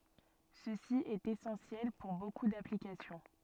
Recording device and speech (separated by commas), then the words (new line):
soft in-ear microphone, read sentence
Ceci est essentiel pour beaucoup d'applications.